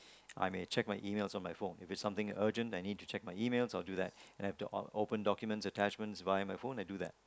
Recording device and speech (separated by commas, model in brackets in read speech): close-talking microphone, conversation in the same room